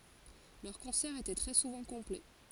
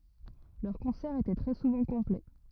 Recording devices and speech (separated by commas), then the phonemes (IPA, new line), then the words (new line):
forehead accelerometer, rigid in-ear microphone, read sentence
lœʁ kɔ̃sɛʁz etɛ tʁɛ suvɑ̃ kɔ̃plɛ
Leurs concerts étaient très souvent complets.